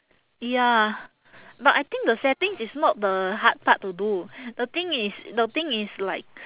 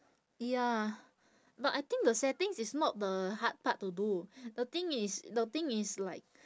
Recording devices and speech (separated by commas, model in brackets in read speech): telephone, standing microphone, conversation in separate rooms